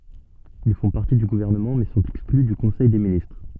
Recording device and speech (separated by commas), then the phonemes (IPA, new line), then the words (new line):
soft in-ear microphone, read sentence
il fɔ̃ paʁti dy ɡuvɛʁnəmɑ̃ mɛ sɔ̃t ɛkskly dy kɔ̃sɛj de ministʁ
Ils font partie du gouvernement mais sont exclus du Conseil des ministres.